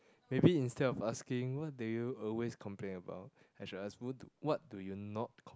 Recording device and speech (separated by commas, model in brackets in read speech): close-talking microphone, conversation in the same room